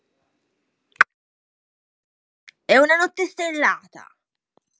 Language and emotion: Italian, angry